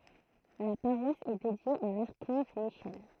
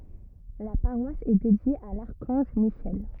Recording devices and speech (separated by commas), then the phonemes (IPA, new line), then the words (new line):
throat microphone, rigid in-ear microphone, read sentence
la paʁwas ɛ dedje a laʁkɑ̃ʒ miʃɛl
La paroisse est dédiée à l'archange Michel.